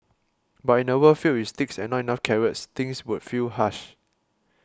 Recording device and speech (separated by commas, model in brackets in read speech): close-talking microphone (WH20), read sentence